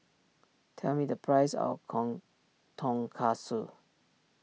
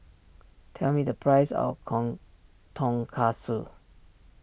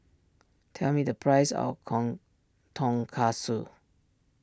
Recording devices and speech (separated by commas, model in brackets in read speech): mobile phone (iPhone 6), boundary microphone (BM630), standing microphone (AKG C214), read sentence